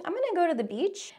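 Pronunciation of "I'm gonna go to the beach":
'I'm gonna go to the beach' is a statement said with rising intonation, like a question, as if uncertain. This is upspeak.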